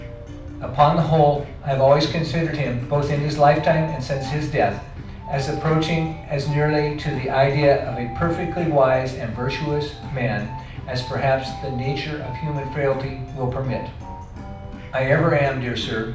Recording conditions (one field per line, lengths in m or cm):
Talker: one person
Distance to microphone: 5.8 m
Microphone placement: far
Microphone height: 1.8 m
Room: medium-sized (5.7 m by 4.0 m)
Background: music